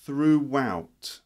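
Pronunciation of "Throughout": In 'throughout', a w sound is heard in the middle of the word.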